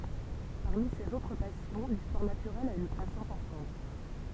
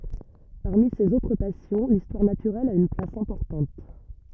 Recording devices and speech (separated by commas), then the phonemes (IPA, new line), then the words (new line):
temple vibration pickup, rigid in-ear microphone, read sentence
paʁmi sez otʁ pasjɔ̃ listwaʁ natyʁɛl a yn plas ɛ̃pɔʁtɑ̃t
Parmi ses autres passions, l'histoire naturelle a une place importante.